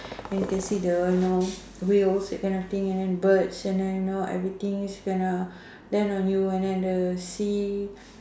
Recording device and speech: standing microphone, conversation in separate rooms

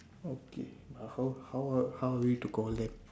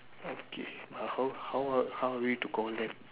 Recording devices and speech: standing microphone, telephone, conversation in separate rooms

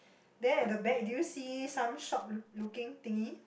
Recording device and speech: boundary microphone, conversation in the same room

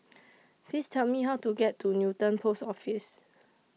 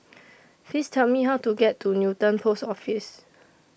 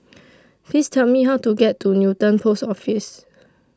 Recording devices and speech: mobile phone (iPhone 6), boundary microphone (BM630), standing microphone (AKG C214), read sentence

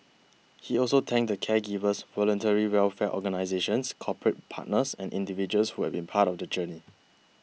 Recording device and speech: mobile phone (iPhone 6), read sentence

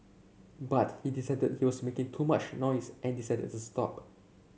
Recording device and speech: mobile phone (Samsung C7), read sentence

